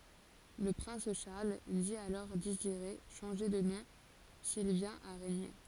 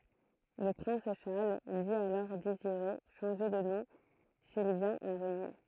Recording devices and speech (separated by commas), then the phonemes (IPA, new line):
forehead accelerometer, throat microphone, read sentence
lə pʁɛ̃s ʃaʁl di alɔʁ deziʁe ʃɑ̃ʒe də nɔ̃ sil vjɛ̃t a ʁeɲe